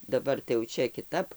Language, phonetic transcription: Lithuanian, daˈbar tai jau ˈčia kiˈtap

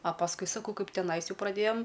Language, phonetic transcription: Lithuanian, a pasˈkui saˈkau ˈkaip teˈnais ˈjau praˈdėjam

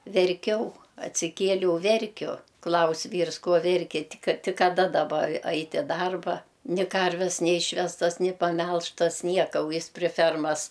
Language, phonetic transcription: Lithuanian, verˈkiau atsiˈkieliau ˈverkiu ˈklaus' ˈvyrs ˈko ˈverki ˈtik ˈtik kaˈda daˈba ˈait' i ˈdarba ni ˈkarves neˈyšvestas ni paˈmelžtas ˈnieka u ˈjis pri ˈfermas

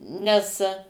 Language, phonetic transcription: Lithuanian, nes

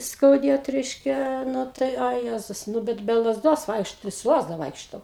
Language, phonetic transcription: Lithuanian, skauˈdėt ˈreiškia ˈnu ˈtai a ˈjezus nu ˈbet be lazˈdos ˈvaikšto su ˈlazda ˈvaikšto

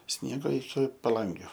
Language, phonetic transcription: Lithuanian, ˈsniego iki paˈlangiu

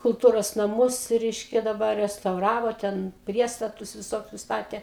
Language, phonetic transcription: Lithuanian, kulˈtūros naˈmus ˈreiškia daˈbar restauˈravo ˈten ˈpriestatus viˈsokius ˈstatė

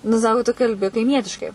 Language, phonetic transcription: Lithuanian, nu ˈsako tu kalˈbi kaiˈmietiškai

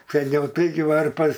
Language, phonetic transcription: Lithuanian, seˈniau ˈtaigi ˈvarpas

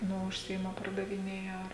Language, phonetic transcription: Lithuanian, ˈnu užˈsiima pardaviˈnėja ar

